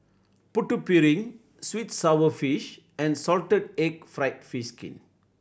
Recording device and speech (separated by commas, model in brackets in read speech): boundary microphone (BM630), read sentence